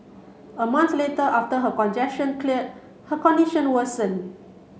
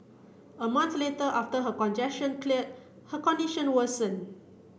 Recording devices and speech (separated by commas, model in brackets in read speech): mobile phone (Samsung C7), boundary microphone (BM630), read sentence